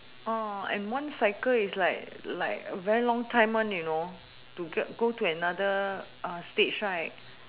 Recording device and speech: telephone, conversation in separate rooms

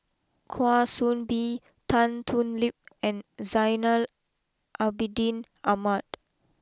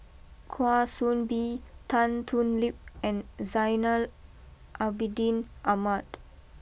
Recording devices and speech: close-talking microphone (WH20), boundary microphone (BM630), read sentence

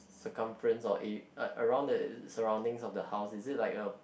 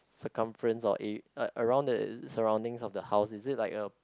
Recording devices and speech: boundary microphone, close-talking microphone, conversation in the same room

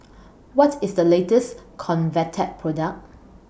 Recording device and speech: boundary microphone (BM630), read sentence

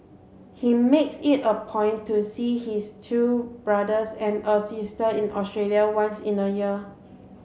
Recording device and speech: mobile phone (Samsung C7), read sentence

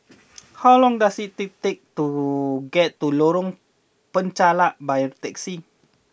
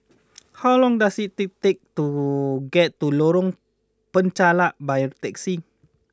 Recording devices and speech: boundary microphone (BM630), close-talking microphone (WH20), read sentence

